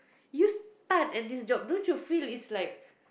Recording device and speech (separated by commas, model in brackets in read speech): boundary microphone, conversation in the same room